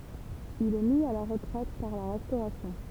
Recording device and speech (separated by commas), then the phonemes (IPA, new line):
temple vibration pickup, read sentence
il ɛ mi a la ʁətʁɛt paʁ la ʁɛstoʁasjɔ̃